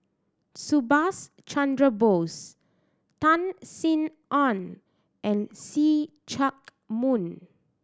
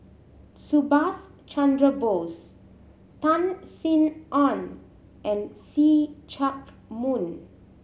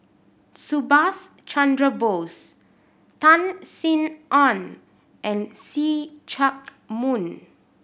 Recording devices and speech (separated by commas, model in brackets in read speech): standing microphone (AKG C214), mobile phone (Samsung C7100), boundary microphone (BM630), read sentence